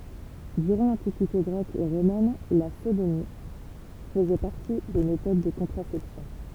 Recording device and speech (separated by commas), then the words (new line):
temple vibration pickup, read sentence
Durant l'Antiquité grecque et romaine, la sodomie faisait partie des méthodes de contraception.